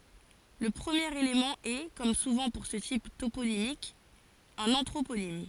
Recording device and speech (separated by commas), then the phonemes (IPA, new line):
forehead accelerometer, read sentence
lə pʁəmjeʁ elemɑ̃ ɛ kɔm suvɑ̃ puʁ sə tip toponimik œ̃n ɑ̃tʁoponim